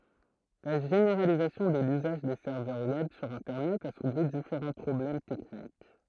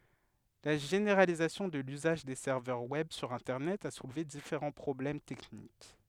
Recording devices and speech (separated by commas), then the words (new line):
throat microphone, headset microphone, read sentence
La généralisation de l'usage des serveurs web sur internet a soulevé différents problèmes techniques.